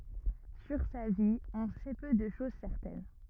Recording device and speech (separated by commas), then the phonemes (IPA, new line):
rigid in-ear microphone, read sentence
syʁ sa vi ɔ̃ sɛ pø də ʃoz sɛʁtɛn